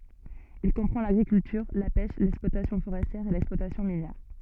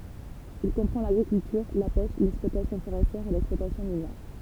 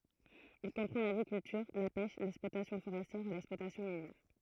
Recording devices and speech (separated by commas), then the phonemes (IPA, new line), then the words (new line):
soft in-ear microphone, temple vibration pickup, throat microphone, read sentence
il kɔ̃pʁɑ̃ laɡʁikyltyʁ la pɛʃ lɛksplwatasjɔ̃ foʁɛstjɛʁ e lɛksplwatasjɔ̃ minjɛʁ
Il comprend l'agriculture, la pêche, l'exploitation forestière et l'exploitation minière.